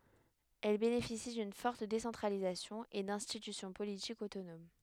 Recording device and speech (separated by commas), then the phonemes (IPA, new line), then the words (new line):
headset microphone, read sentence
ɛl benefisi dyn fɔʁt desɑ̃tʁalizasjɔ̃ e dɛ̃stitysjɔ̃ politikz otonom
Elles bénéficient d'une forte décentralisation et d'institutions politiques autonomes.